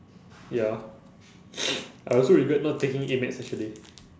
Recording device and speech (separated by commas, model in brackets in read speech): standing microphone, conversation in separate rooms